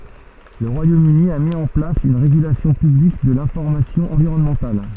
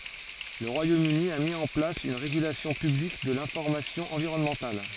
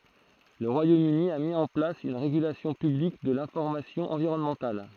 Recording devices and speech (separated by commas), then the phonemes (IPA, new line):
soft in-ear microphone, forehead accelerometer, throat microphone, read sentence
lə ʁwajom yni a mi ɑ̃ plas yn ʁeɡylasjɔ̃ pyblik də lɛ̃fɔʁmasjɔ̃ ɑ̃viʁɔnmɑ̃tal